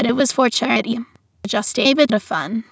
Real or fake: fake